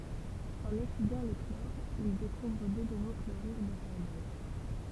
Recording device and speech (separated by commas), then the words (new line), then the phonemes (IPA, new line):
temple vibration pickup, read sentence
En étudiant le chlore il découvre deux nouveaux chlorures de carbone.
ɑ̃n etydjɑ̃ lə klɔʁ il dekuvʁ dø nuvo kloʁyʁ də kaʁbɔn